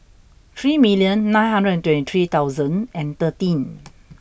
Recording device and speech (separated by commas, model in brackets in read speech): boundary microphone (BM630), read sentence